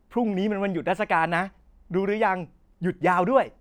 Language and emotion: Thai, happy